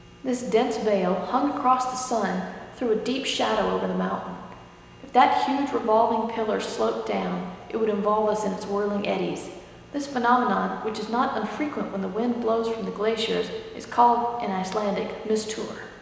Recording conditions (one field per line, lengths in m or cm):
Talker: one person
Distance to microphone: 1.7 m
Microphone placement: close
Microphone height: 1.0 m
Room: very reverberant, large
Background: none